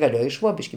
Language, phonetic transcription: Lithuanian, gaˈlėjo i ˈšvobiški

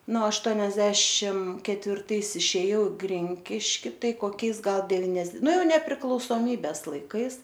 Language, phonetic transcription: Lithuanian, nu ašˈtuoniasdešim ketvirˈtais išėˈjau i ˈgrinkiški ˈtai koˈkiais ˈgal devinias ˈnu ˈjau nepriklausoˈmybes laiˈkais

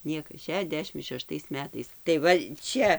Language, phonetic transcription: Lithuanian, ˈniekas šeˈšdešim šeˈštais ˈmetais tai ˈva ˈčia

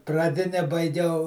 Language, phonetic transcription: Lithuanian, praˈdine baiˈgiau

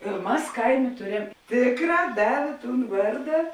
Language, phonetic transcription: Lithuanian, ir ˈmas ˈkaiˌmė ˈtuˌrem ˈtėkˌrā ˈdavė ˈtūn ˈvarda

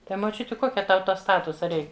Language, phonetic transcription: Lithuanian, ˈtai moˈčiuti ˈkokia ˈtau ˈto ˈstatusa ˈreik

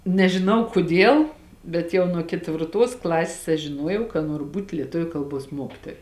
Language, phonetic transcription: Lithuanian, nežiˈnau kuˈdiel bet ˈjau nuo ketvirˈtuos ˈklasės aš žiˈnuojau ka ˈnuoru ˈbūt' lieˈtuviu ˈkalˌbuos ˈmuokitoja

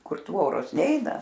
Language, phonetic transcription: Lithuanian, ˈkur ˈtvoros ˈneina

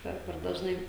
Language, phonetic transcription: Lithuanian, ˈper per dažˈnai

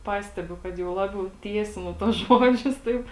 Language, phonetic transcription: Lithuanian, ˈpastebiu kad jau ˈlabiau ˈtiesinu tuos ˈžodžius ˈtaip

